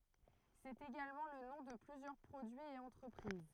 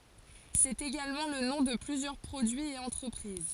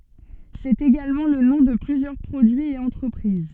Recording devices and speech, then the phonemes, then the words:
throat microphone, forehead accelerometer, soft in-ear microphone, read sentence
sɛt eɡalmɑ̃ lə nɔ̃ də plyzjœʁ pʁodyiz e ɑ̃tʁəpʁiz
C'est également le nom de plusieurs produits et entreprises.

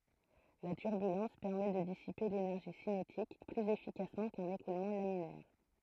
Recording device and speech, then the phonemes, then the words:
throat microphone, read sentence
la tyʁbylɑ̃s pɛʁmɛ də disipe lenɛʁʒi sinetik plyz efikasmɑ̃ kœ̃n ekulmɑ̃ laminɛʁ
La turbulence permet de dissiper l’énergie cinétique plus efficacement qu’un écoulement laminaire.

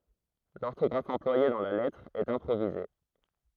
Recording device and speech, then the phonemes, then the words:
throat microphone, read sentence
lɔʁtɔɡʁaf ɑ̃plwaje dɑ̃ la lɛtʁ ɛt ɛ̃pʁovize
L'orthographe employée dans la lettre est improvisée.

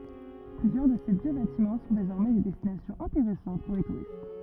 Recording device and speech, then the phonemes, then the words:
rigid in-ear microphone, read sentence
plyzjœʁ də se vjø batimɑ̃ sɔ̃ dezɔʁmɛ de dɛstinasjɔ̃z ɛ̃teʁɛsɑ̃t puʁ le tuʁist
Plusieurs de ces vieux bâtiments sont désormais des destinations intéressantes pour les touristes.

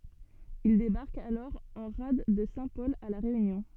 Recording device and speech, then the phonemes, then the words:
soft in-ear microphone, read sentence
il debaʁkt alɔʁ ɑ̃ ʁad də sɛ̃tpɔl a la ʁeynjɔ̃
Ils débarquent alors en rade de Saint-Paul à La Réunion.

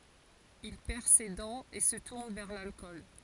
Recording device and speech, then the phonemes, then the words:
forehead accelerometer, read sentence
il pɛʁ se dɑ̃z e sə tuʁn vɛʁ lalkɔl
Il perd ses dents et se tourne vers l'alcool.

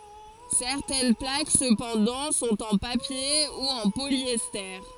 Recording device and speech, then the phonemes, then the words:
forehead accelerometer, read sentence
sɛʁtɛn plak səpɑ̃dɑ̃ sɔ̃t ɑ̃ papje u ɑ̃ poljɛste
Certaines plaques cependant sont en papier ou en polyester.

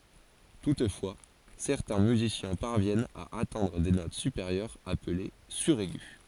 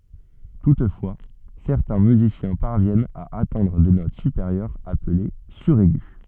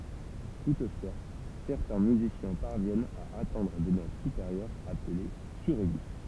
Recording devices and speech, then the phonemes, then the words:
forehead accelerometer, soft in-ear microphone, temple vibration pickup, read sentence
tutfwa sɛʁtɛ̃ myzisjɛ̃ paʁvjɛnt a atɛ̃dʁ de not sypeʁjœʁz aple syʁɛɡy
Toutefois, certains musiciens parviennent à atteindre des notes supérieures appelées suraigu.

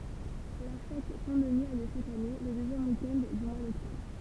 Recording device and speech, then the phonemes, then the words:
temple vibration pickup, read sentence
la fɛt sɛ̃ dəni a ljø ʃak ane lə døzjɛm wik ɛnd dy mwa dɔktɔbʁ
La fête Saint-Denis a lieu chaque année, le deuxième week-end du mois d'octobre.

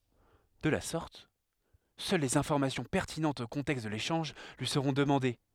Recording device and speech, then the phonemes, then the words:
headset microphone, read sentence
də la sɔʁt sœl lez ɛ̃fɔʁmasjɔ̃ pɛʁtinɑ̃tz o kɔ̃tɛkst də leʃɑ̃ʒ lyi səʁɔ̃ dəmɑ̃de
De la sorte, seules les informations pertinentes au contexte de l'échange lui seront demandées.

